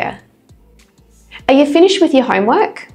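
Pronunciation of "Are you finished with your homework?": In 'Are you finished with your homework?', 'you' and 'your' are both reduced to a schwa sound, so each one sounds like 'ye'.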